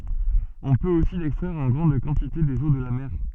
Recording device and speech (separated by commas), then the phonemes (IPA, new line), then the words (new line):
soft in-ear microphone, read sentence
ɔ̃ pøt osi lɛkstʁɛʁ ɑ̃ ɡʁɑ̃d kɑ̃tite dez o də la mɛʁ
On peut aussi l'extraire en grande quantité des eaux de la mer.